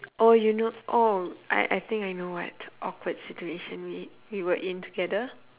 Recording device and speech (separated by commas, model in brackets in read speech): telephone, conversation in separate rooms